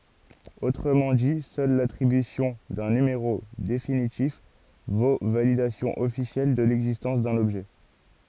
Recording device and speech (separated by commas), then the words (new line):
forehead accelerometer, read sentence
Autrement dit, seul l'attribution d'un numéro définitif vaut validation officielle de l'existence d'un objet.